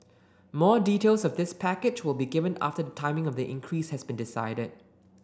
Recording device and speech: standing microphone (AKG C214), read sentence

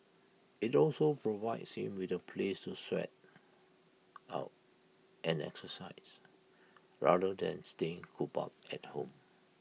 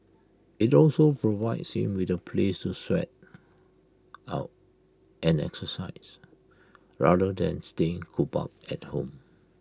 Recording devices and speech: mobile phone (iPhone 6), close-talking microphone (WH20), read sentence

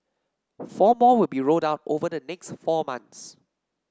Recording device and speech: standing microphone (AKG C214), read sentence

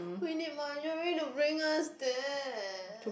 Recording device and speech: boundary microphone, conversation in the same room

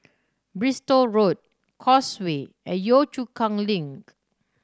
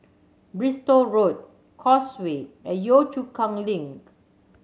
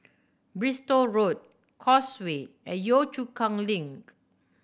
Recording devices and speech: standing microphone (AKG C214), mobile phone (Samsung C7100), boundary microphone (BM630), read sentence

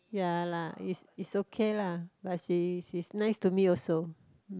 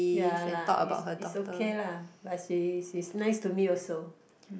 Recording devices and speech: close-talking microphone, boundary microphone, conversation in the same room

